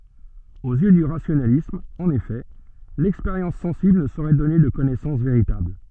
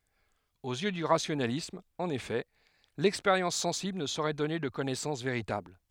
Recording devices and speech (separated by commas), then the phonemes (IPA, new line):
soft in-ear microphone, headset microphone, read sentence
oz jø dy ʁasjonalism ɑ̃n efɛ lɛkspeʁjɑ̃s sɑ̃sibl nə soʁɛ dɔne də kɔnɛsɑ̃s veʁitabl